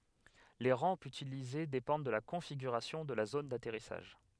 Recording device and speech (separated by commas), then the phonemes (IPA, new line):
headset microphone, read sentence
le ʁɑ̃pz ytilize depɑ̃d də la kɔ̃fiɡyʁasjɔ̃ də la zon datɛʁisaʒ